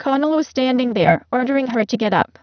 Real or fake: fake